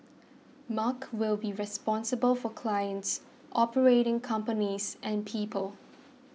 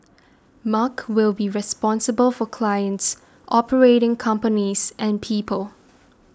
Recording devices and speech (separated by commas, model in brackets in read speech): mobile phone (iPhone 6), standing microphone (AKG C214), read sentence